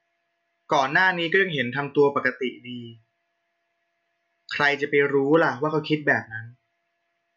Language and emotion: Thai, neutral